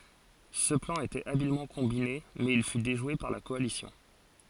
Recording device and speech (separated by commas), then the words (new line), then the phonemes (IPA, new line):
forehead accelerometer, read sentence
Ce plan était habilement combiné, mais il fut déjoué par la coalition.
sə plɑ̃ etɛt abilmɑ̃ kɔ̃bine mɛz il fy deʒwe paʁ la kɔalisjɔ̃